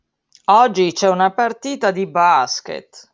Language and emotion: Italian, disgusted